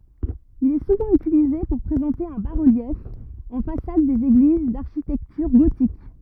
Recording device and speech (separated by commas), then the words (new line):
rigid in-ear microphone, read sentence
Il est souvent utilisé pour présenter un bas-relief en façade des églises d’architecture gothique.